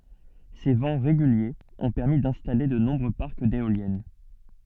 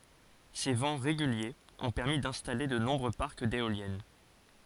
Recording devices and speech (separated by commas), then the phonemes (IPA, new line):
soft in-ear microphone, forehead accelerometer, read sentence
se vɑ̃ ʁeɡyljez ɔ̃ pɛʁmi dɛ̃stale də nɔ̃bʁø paʁk deoljɛn